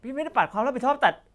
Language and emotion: Thai, angry